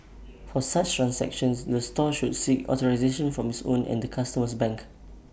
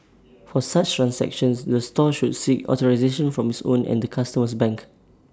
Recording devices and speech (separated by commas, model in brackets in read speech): boundary microphone (BM630), standing microphone (AKG C214), read sentence